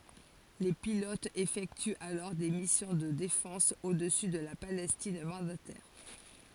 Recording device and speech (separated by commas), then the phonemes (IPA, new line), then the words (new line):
forehead accelerometer, read sentence
le pilotz efɛktyt alɔʁ de misjɔ̃ də defɑ̃s odəsy də la palɛstin mɑ̃datɛʁ
Les pilotes effectuent alors des missions de défense au-dessus de la Palestine mandataire.